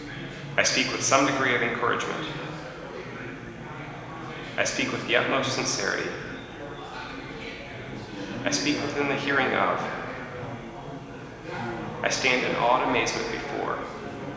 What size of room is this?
A big, echoey room.